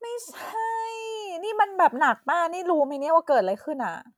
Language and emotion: Thai, frustrated